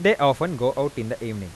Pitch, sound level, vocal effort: 135 Hz, 91 dB SPL, normal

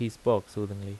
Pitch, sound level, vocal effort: 105 Hz, 82 dB SPL, normal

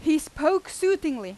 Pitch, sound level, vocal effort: 315 Hz, 94 dB SPL, very loud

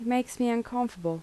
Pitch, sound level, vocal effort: 235 Hz, 79 dB SPL, soft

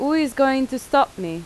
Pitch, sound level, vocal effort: 265 Hz, 87 dB SPL, normal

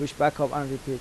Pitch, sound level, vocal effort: 145 Hz, 85 dB SPL, normal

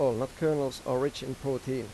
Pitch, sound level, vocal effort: 130 Hz, 88 dB SPL, normal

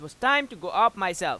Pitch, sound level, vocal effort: 210 Hz, 100 dB SPL, very loud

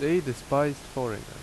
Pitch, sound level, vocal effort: 140 Hz, 83 dB SPL, loud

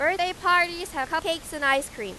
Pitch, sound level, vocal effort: 325 Hz, 98 dB SPL, loud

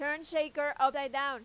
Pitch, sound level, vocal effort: 285 Hz, 98 dB SPL, very loud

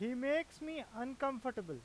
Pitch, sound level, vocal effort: 255 Hz, 94 dB SPL, very loud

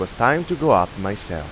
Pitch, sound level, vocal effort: 95 Hz, 91 dB SPL, normal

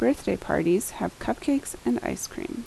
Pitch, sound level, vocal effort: 280 Hz, 77 dB SPL, soft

